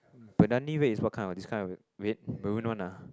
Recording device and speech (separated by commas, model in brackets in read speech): close-talking microphone, conversation in the same room